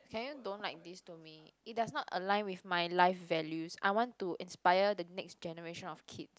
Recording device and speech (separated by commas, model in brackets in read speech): close-talking microphone, conversation in the same room